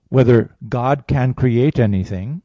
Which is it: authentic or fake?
authentic